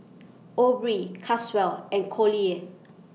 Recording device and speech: mobile phone (iPhone 6), read sentence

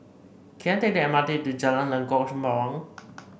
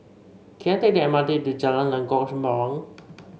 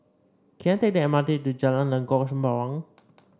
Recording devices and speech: boundary microphone (BM630), mobile phone (Samsung C5), standing microphone (AKG C214), read sentence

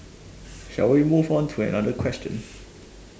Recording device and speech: standing microphone, conversation in separate rooms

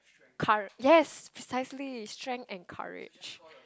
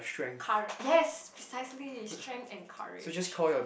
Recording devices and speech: close-talking microphone, boundary microphone, conversation in the same room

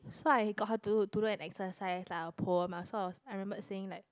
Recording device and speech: close-talking microphone, conversation in the same room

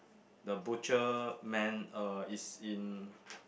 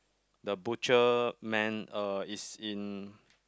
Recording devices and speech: boundary microphone, close-talking microphone, conversation in the same room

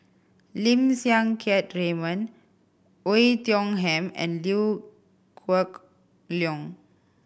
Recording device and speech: boundary microphone (BM630), read sentence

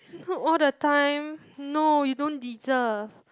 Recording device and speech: close-talking microphone, conversation in the same room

